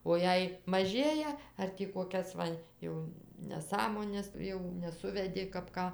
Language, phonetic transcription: Lithuanian, o ˈjei maˈžėja ar ˈtį koˈkias va ˈjau neˈsąmones ˈjau neˈsuvedi kap ˈką

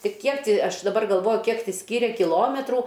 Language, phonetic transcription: Lithuanian, ti ˈkiek ti ˈaš daˈbar galˈvoju ˈkiek ti ˈskyre kiˈlometrų

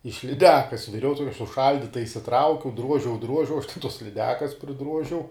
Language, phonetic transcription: Lithuanian, iš liˈdekas viˈriau ˈtokia suˈšaldyta išsiˈtraukiau ˈdruožiau ˈdruožiau aš te tos liˈdekas priˈdruožiau

